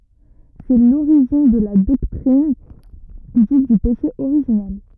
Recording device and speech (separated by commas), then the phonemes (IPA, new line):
rigid in-ear microphone, read sentence
sɛ loʁiʒin də la dɔktʁin dit dy peʃe oʁiʒinɛl